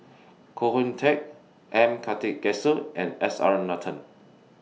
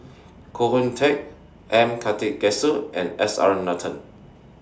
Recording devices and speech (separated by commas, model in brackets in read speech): mobile phone (iPhone 6), standing microphone (AKG C214), read sentence